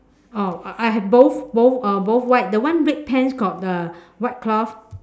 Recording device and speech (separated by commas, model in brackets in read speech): standing microphone, conversation in separate rooms